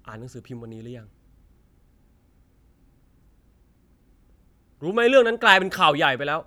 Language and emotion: Thai, frustrated